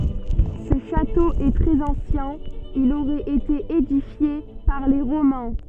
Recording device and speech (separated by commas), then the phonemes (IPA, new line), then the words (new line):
soft in-ear microphone, read sentence
sə ʃato ɛ tʁɛz ɑ̃sjɛ̃ il oʁɛt ete edifje paʁ le ʁomɛ̃
Ce château est très ancien, il aurait été édifié par les Romains.